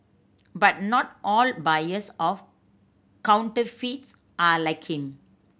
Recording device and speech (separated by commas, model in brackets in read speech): boundary microphone (BM630), read sentence